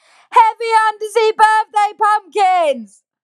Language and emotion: English, angry